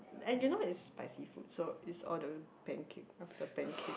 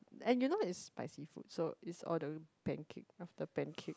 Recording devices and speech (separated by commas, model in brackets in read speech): boundary microphone, close-talking microphone, conversation in the same room